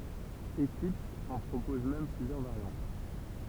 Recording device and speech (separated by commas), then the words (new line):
temple vibration pickup, read sentence
Eclipse en propose même plusieurs variantes.